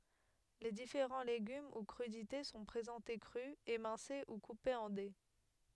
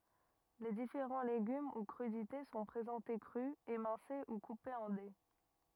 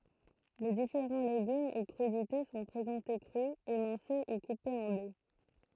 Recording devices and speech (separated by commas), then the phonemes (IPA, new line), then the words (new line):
headset microphone, rigid in-ear microphone, throat microphone, read sentence
le difeʁɑ̃ leɡym u kʁydite sɔ̃ pʁezɑ̃te kʁy emɛ̃se u kupez ɑ̃ de
Les différents légumes ou crudités sont présentés crus, émincés ou coupés en dés.